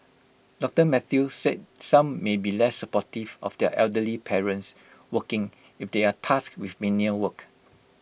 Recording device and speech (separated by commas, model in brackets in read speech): boundary microphone (BM630), read sentence